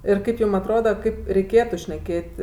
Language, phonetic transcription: Lithuanian, ir ˈkaip ˈjūm atˈroda ˈkaip reiˈkėtu šneˈkėt'

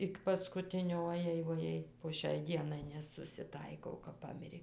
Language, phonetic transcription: Lithuanian, ˈik paskuˈtinio oˈjei voˈjei po ˈšiai ˈdienai nesusiˈtaikau kap ˈpamirė

